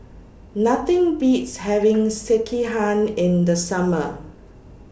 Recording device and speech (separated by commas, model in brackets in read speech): boundary microphone (BM630), read sentence